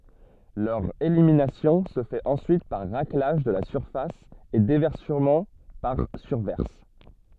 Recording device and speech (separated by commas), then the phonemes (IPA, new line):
soft in-ear microphone, read sentence
lœʁ eliminasjɔ̃ sə fɛt ɑ̃syit paʁ ʁaklaʒ də la syʁfas e devɛʁsəmɑ̃ paʁ syʁvɛʁs